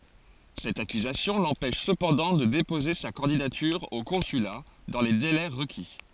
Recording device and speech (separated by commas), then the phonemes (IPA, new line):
forehead accelerometer, read sentence
sɛt akyzasjɔ̃ lɑ̃pɛʃ səpɑ̃dɑ̃ də depoze sa kɑ̃didatyʁ o kɔ̃syla dɑ̃ le delɛ ʁəki